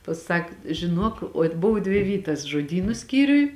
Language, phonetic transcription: Lithuanian, paˈsak žiˈnuok ot' ˈbov dvi ˈvytas žoˈdynu ˈskyriuj

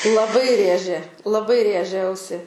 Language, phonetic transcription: Lithuanian, laˈbai ˈrėžė laˈbai ˈrėžia ˈausi

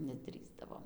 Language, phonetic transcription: Lithuanian, neˈdrįsdavom

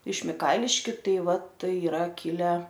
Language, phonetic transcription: Lithuanian, iš miˈkailiškiu ˈtai ˈva ˈtai iˈra ˈkile

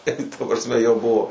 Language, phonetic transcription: Lithuanian, ta prasˈme jau ˈbuvo

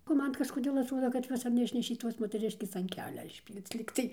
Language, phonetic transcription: Lithuanian, o ˈman kažkoˈdėl atˈruoda kad ˈjuos ar neˈišnešė ˈtos moteˈriškės an ˈkelia išˈpyl'c ˈlygtai

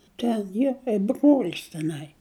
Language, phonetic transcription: Lithuanian, ˈten ˈjie kaip brol's teˈnai

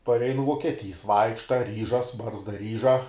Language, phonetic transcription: Lithuanian, parˈeinu vuokieˈtys ˈvaikšta ˈryžas ˈbarzda ˈryža

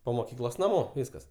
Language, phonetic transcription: Lithuanian, po moˈkyklos naˈmo ˈvyskas

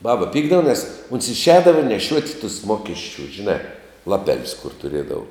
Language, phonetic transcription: Lithuanian, ˈbaba ˈpykdava nes ons išˈēdava neˈšiuot' tus ˈmokesčiu žiˈnā laˈpelius kur tuˈriedavu

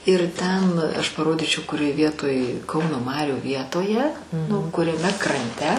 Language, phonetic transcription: Lithuanian, ir ˈten ˈaš paˈrodyčiau kuˈrioj ˈvietoj ˈkauno ˈmarių ˈvietoje nu kuriaˈme kranˈte

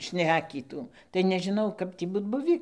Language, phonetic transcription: Lithuanian, ˈšnekytų tai nežiˈnau ˈkap tį ˈbūt ˈbuvį

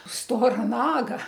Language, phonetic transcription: Lithuanian, ˈstora ˈnaga

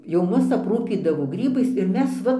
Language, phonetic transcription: Lithuanian, jau ˈmus apˈrūpydavo ˈgrybais ir ˈmes ˈva

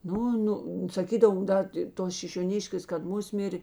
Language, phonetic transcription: Lithuanian, ˈnu ˈnu saˈkydavo ˈda ti ˈtos šišioˈniškės kad ˈmusmir'

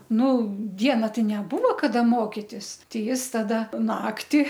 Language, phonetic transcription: Lithuanian, ˈnu ˈdiena ˈtai neˈbuvo kaˈda ˈmokitis ˈtei ˈjis taˈda ˈnakti

